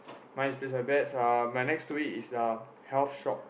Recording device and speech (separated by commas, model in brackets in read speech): boundary microphone, conversation in the same room